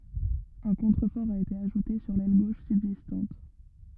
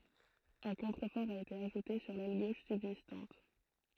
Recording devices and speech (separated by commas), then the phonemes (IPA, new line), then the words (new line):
rigid in-ear microphone, throat microphone, read sentence
œ̃ kɔ̃tʁəfɔʁ a ete aʒute syʁ lɛl ɡoʃ sybzistɑ̃t
Un contrefort a été ajouté sur l'aile gauche subsistante.